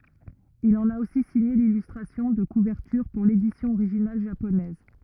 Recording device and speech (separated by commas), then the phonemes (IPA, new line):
rigid in-ear microphone, read sentence
il ɑ̃n a osi siɲe lilystʁasjɔ̃ də kuvɛʁtyʁ puʁ ledisjɔ̃ oʁiʒinal ʒaponɛz